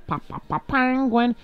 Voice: nasally voice